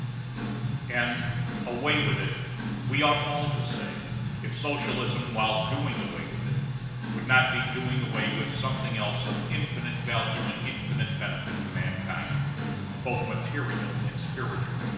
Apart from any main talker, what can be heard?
Music.